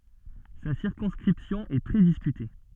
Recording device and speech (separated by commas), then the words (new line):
soft in-ear microphone, read sentence
Sa circonscription est très discutée.